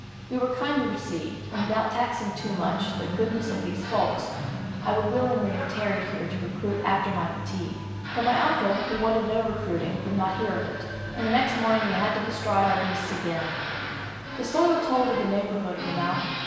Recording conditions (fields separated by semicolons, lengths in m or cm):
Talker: one person; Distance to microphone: 1.7 m; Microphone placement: close; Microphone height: 1.0 m; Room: very reverberant, large; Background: television